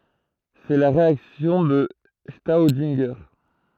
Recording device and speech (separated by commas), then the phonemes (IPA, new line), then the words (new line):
throat microphone, read sentence
sɛ la ʁeaksjɔ̃ də stodɛ̃ʒe
C'est la réaction de Staudinger.